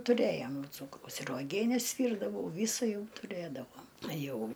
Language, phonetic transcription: Lithuanian, tuˈrėjom ˈcūkraus ir uoˈgienes ˈvyrdavau ˈvysa ˈjau tuˈrėdavom ˈjau

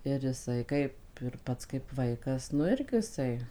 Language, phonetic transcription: Lithuanian, ir iˈsai ˈkaip ir ˈpats kaip ˈvaikas nu ˈirgi iˈsai

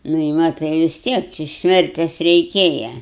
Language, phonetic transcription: Lithuanian, nu i ˈmatai vis ˈtiek či ˈsmertes reiˈkėja

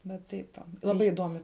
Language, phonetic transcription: Lithuanian, va ˈtaip va laˈbai iˈdomi

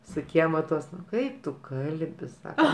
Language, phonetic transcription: Lithuanian, su ˈkiema ˈtuos ˈkaip tu ˈkalbi ˈsaka

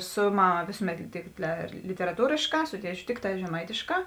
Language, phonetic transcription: Lithuanian, ˈsu ˈmaˌma ˈvėsuˌmet tik literaˈtūrėšˌkā ˈsu ˈtieˌčiu ˈtikˌtā žeˈmaitėˌškā

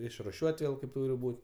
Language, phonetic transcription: Lithuanian, išruˈšiuot' ˈvėl kaip ˈtūri ˈbūt

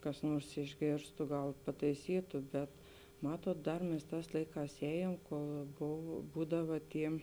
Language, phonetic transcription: Lithuanian, kas ˈnuors išˈgėrstu ˈgal pataiˈsytu bet ˈmatuot ˈdar mes ˈtās ˈlaiˌkās ˈējėm kol ˈbov ˈbūdava ˈty

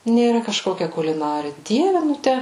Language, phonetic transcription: Lithuanian, nėˈra kažˈkokia kuliˈnari ˈdieve ˈnu ˈtæ

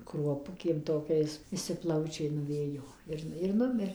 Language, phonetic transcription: Lithuanian, kruoˈpukėm toˈkiais viˈsi ˈplaučiai nuˈvėjo ˈir ir ˈnumir

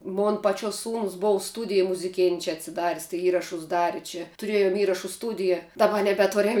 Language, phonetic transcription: Lithuanian, ˈmon paˈčiuos ˈsūnus ˈbov ˈstūdija muziˈkėn' čia atsiˈdar's' tai ˈįrašus ˈdari čia tuˈrėjum ˈįrašu ˈstūdija daˈba nebeˈturiam

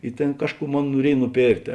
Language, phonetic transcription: Lithuanian, i ˈtėn ˈkažˌkų ˈmon nuoˈriej nuˈpėrktė

